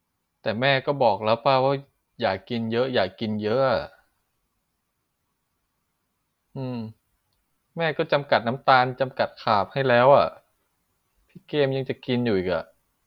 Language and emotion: Thai, frustrated